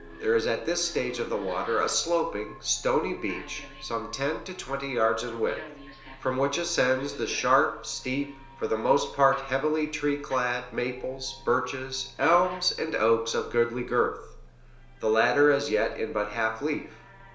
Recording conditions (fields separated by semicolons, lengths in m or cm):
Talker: one person; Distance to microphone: 1.0 m; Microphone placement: close; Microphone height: 1.1 m; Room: small (3.7 m by 2.7 m); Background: television